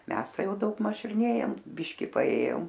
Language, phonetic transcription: Lithuanian, ˈmes ˈtai ˈjau daugˈmaž ir ˈnėjom ˈbiški paˈėjom

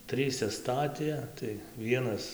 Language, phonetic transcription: Lithuanian, ˈtryse ˈstatė tai ˈvienas

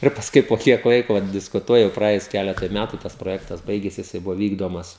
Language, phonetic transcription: Lithuanian, ir pasˈkui po ˈkiek ˈlaiko vat diskuˈtuojam praˈėjus ˈkeletui ˈmætu tas proˈjektas ˈbaigėsi jiˈsai ˈbuvo ˈvykdomas

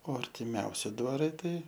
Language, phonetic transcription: Lithuanian, o artiˈmiausi dvaˈrai ˈtai

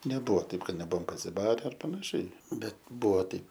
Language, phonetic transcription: Lithuanian, neˈbuvo ˈtaip ˈkad neˈbuvom pasiˈbare ar panaˈšiai ˈbet ˈbuvo ˈtaip

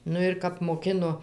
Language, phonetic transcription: Lithuanian, ˈnu ir ˈkap moˈkino

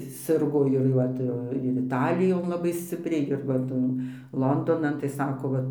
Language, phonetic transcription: Lithuanian, ˈsirgo ir jau ˈva tai ˈva ir iˈtalijon laˈbai ˈscipriai ir va ˈtan ˈlondonan tai ˈsako ˈva

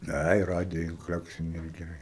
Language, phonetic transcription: Lithuanian, ˈai ˈradija inˈkleksini ir geˈrai

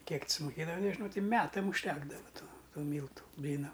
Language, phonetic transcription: Lithuanian, ˈkiek t sumuˈkėdava nežiˈnau ˈti ˈmetam užˈtekdava ˈtų ˈtų ˈmyltu ˈblynam

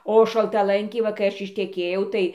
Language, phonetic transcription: Lithuanian, o šaltaˈlankiai ˈva kai ˈaš išteˈkėjau ˈtai

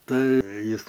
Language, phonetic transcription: Lithuanian, ˈtai ˈjis

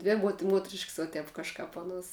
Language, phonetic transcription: Lithuanian, ˈdvi muot ˈmuotrišks va ˈtep kažˈkap ˈaˌnuos

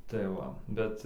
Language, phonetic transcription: Lithuanian, tai ˈva ˈbet

